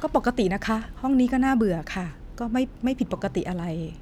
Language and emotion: Thai, frustrated